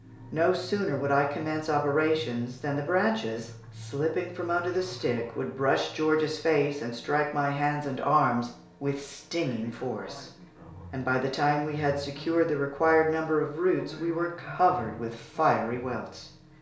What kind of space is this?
A compact room (about 3.7 m by 2.7 m).